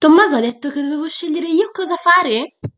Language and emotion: Italian, surprised